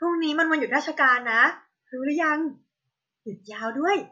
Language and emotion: Thai, happy